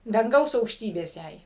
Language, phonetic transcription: Lithuanian, danˈgaus aukšˈtybės ˈjai

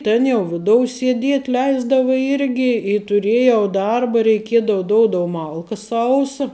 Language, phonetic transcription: Lithuanian, ˈtėn jau ˈvidou sieˈdiet' ˈleisdavu ˈirgi i tuˈrėjau ˈdarba reiˈkiedava ˈdoudou ˈmalka ˈsausa

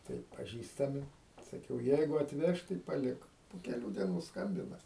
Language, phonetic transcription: Lithuanian, ˈtai paˈžįstami saˈkiau ˈjeigu atˈveš tai paˈlik po keˈlių dieˈnų ˈskambina

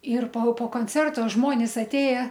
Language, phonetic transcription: Lithuanian, ir po po konˈcerto ˈžmonis atˈėje

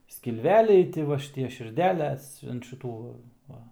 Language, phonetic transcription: Lithuanian, skilˈveliai ˈti va šiˈtie širˈdeles ant ˈšitų ˈva

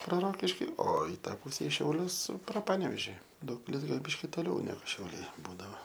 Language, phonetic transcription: Lithuanian, pro ˈrokiškį o i ˈtą ˈpuse i šiauˈlius pro ˈpanevėži ˈdaugpilis ˈgal' ˈbiški ˈtoliau ˈnegu šiauˈliai ˈbūdavo

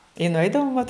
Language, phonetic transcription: Lithuanian, i nuˈeidavom vat

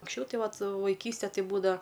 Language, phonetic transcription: Lithuanian, anksˈčiau ˈtai ˈvat vaiˈkyste ˈtai ˈbūdava

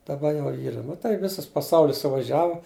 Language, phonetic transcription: Lithuanian, daˈba ˈjau ˈyra nu tai ˈvisas paˈsaulis suvaˈžiavu

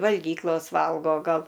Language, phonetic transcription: Lithuanian, valˈgyklos ˈvalgo ˈgal

